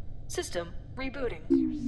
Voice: monotone